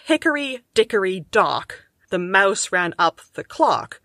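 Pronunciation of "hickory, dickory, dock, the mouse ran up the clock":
'Hickory, dickory, dock' and 'the mouse ran up the clock' each have three stressed beats, even though the two lines have quite different numbers of syllables.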